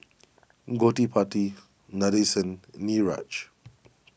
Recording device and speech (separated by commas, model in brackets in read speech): boundary microphone (BM630), read sentence